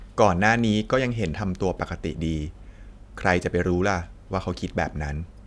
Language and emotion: Thai, neutral